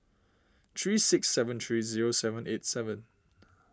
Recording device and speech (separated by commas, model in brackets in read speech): standing microphone (AKG C214), read sentence